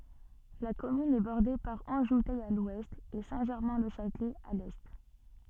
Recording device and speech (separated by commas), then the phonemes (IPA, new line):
soft in-ear microphone, read sentence
la kɔmyn ɛ bɔʁde paʁ ɑ̃ʒutɛ a lwɛst e sɛ̃tʒɛʁmɛ̃lɛʃatlɛ a lɛ